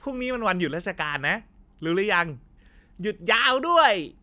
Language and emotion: Thai, happy